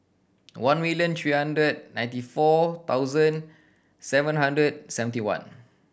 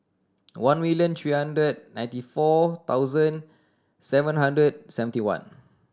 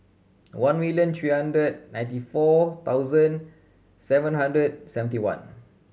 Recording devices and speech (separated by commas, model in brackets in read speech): boundary microphone (BM630), standing microphone (AKG C214), mobile phone (Samsung C7100), read sentence